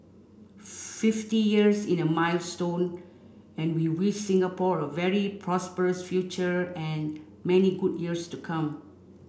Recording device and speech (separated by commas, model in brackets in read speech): boundary microphone (BM630), read sentence